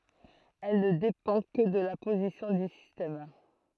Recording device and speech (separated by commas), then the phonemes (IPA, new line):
throat microphone, read sentence
ɛl nə depɑ̃ kə də la pozisjɔ̃ dy sistɛm